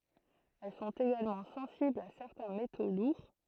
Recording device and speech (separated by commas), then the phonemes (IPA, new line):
throat microphone, read sentence
ɛl sɔ̃t eɡalmɑ̃ sɑ̃siblz a sɛʁtɛ̃ meto luʁ